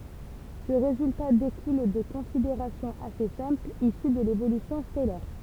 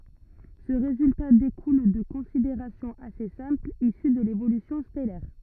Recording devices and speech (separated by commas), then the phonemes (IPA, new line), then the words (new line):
temple vibration pickup, rigid in-ear microphone, read sentence
sə ʁezylta dekul də kɔ̃sideʁasjɔ̃z ase sɛ̃plz isy də levolysjɔ̃ stɛlɛʁ
Ce résultat découle de considérations assez simples issues de l'évolution stellaire.